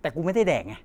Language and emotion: Thai, frustrated